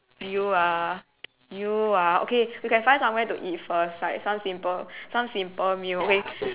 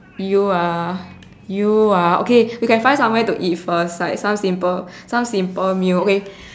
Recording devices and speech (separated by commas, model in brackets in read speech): telephone, standing microphone, conversation in separate rooms